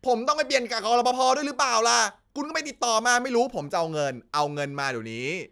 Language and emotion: Thai, angry